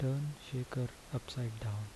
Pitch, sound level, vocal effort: 125 Hz, 73 dB SPL, soft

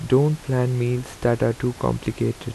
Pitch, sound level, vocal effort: 125 Hz, 80 dB SPL, soft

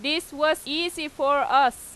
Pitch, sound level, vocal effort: 305 Hz, 95 dB SPL, very loud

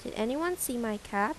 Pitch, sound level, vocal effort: 235 Hz, 82 dB SPL, normal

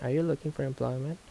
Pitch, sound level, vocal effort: 150 Hz, 76 dB SPL, soft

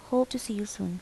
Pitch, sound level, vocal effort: 215 Hz, 76 dB SPL, soft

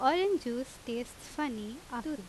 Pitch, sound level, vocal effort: 260 Hz, 86 dB SPL, loud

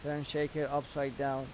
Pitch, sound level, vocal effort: 145 Hz, 86 dB SPL, normal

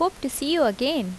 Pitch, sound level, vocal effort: 285 Hz, 82 dB SPL, normal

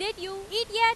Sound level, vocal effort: 99 dB SPL, very loud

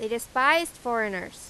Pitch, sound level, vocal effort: 235 Hz, 93 dB SPL, very loud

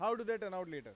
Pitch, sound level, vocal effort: 205 Hz, 101 dB SPL, very loud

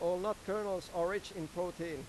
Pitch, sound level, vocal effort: 175 Hz, 95 dB SPL, loud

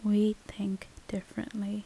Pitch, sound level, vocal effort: 210 Hz, 74 dB SPL, soft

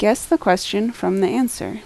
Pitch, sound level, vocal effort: 215 Hz, 79 dB SPL, normal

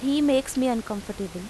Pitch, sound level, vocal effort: 245 Hz, 86 dB SPL, normal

